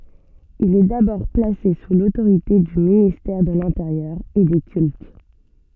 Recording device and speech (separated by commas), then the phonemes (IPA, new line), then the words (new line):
soft in-ear microphone, read sentence
il ɛ dabɔʁ plase su lotoʁite dy ministɛʁ də lɛ̃teʁjœʁ e de kylt
Il est d'abord placé sous l'autorité du ministère de l'Intérieur et des Cultes.